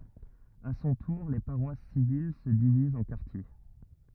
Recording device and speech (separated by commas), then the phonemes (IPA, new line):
rigid in-ear microphone, read sentence
a sɔ̃ tuʁ le paʁwas sivil sə divizt ɑ̃ kaʁtje